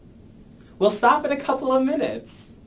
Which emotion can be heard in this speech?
happy